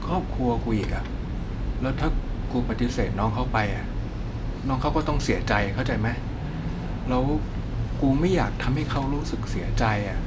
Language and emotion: Thai, frustrated